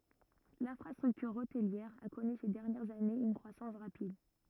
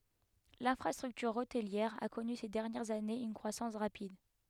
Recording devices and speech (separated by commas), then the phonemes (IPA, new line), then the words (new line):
rigid in-ear microphone, headset microphone, read sentence
lɛ̃fʁastʁyktyʁ otliɛʁ a kɔny se dɛʁnjɛʁz anez yn kʁwasɑ̃s ʁapid
L'infrastructure hôtelière a connu ces dernières années une croissance rapide.